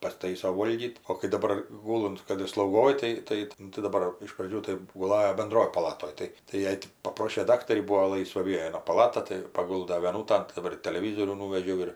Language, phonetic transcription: Lithuanian, pasˈtaiso ˈvolgyt o kai daˈbar ˈgulunt ˈkad ir slaugoj ˈtai ˈtai nu tai daˈbar iš praˈdžių tai guˈlajo benˈdroj paˈlatoj ˈtai tai ˈjai ti paˈprošė ˈdaktarį ˈbūo ˈlaisva ˈviena paˈlata tai paˈgulda vieˈnūtan daˈbar ir taleˈvyzorių nūvežiau ir

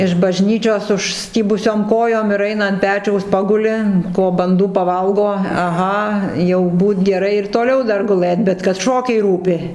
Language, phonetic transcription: Lithuanian, iš bažˈnyčios užˈstybusiom ˈkojom ir ˈaina ant ˈpečiaus ˈpaguli ˈko banˈdų paˈvalgo aˈha jau ˈbūt geˈrai ir toˈliau ˈdar guˈlɘt bet kad ˈšokiai ˈrūpi

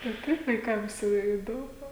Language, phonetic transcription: Lithuanian, tai ˈtaip vaiˈkams jau ˈi iˈdomu

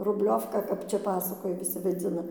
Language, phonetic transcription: Lithuanian, rubˈliovka ˈkap ˈčia ˈpasakoja viˈsi vaˈdzina

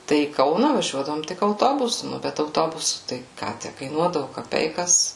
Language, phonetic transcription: Lithuanian, ˈtai į ˈkauna vaˈžiuodavom ˈtik auˈtobusu ˈnu bet auˈtobusu tai ˈką ˈtæ kaiˈnuodavu kaˈpeikas

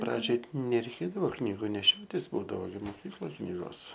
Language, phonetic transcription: Lithuanian, ˈpradžioj nereiˈkėdavo ˈknygu neˈšiotis ˈbūdavo moˈkykloj ˈknygos

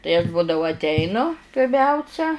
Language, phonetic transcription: Lithuanian, tai aš ˈbūdavu atˈeinu pirˈmiausia

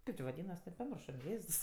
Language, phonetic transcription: Lithuanian, ˈkaip či vaˈdynas paˈmiršo ˈjėzs

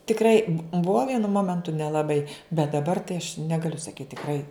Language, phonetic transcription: Lithuanian, tikˈrai bu ˈbuo ˈvienu ˈmomentu nelaˈbai bet daˈbar tai aš ˈnegaliu saˈkyt tikˈrai

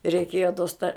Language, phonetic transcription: Lithuanian, reiˈkėjo tos ta

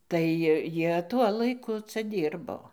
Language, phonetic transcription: Lithuanian, tai ˈjie ˈtuo laiˈku ˈca ˈdyrbo

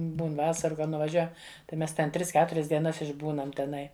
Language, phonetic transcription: Lithuanian, ˈbūn ˈvasaru kad nuvaˈžiuojam tai ˈmes ten ˈtris ˈketurias dieˈnas išˈbūnam teˈnai

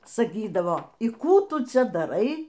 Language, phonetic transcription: Lithuanian, saˈkydavo y ˈkų ˈtu ˈcia daˈrai

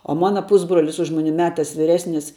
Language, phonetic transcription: Lithuanian, o ˈmana ˈpusbrolis už ˈmuni ˈmetas vyˈresnis

